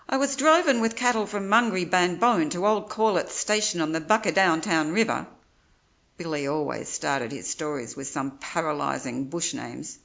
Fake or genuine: genuine